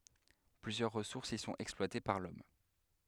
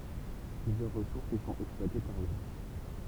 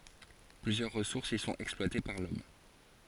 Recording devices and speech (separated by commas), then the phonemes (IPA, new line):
headset microphone, temple vibration pickup, forehead accelerometer, read sentence
plyzjœʁ ʁəsuʁsz i sɔ̃t ɛksplwate paʁ lɔm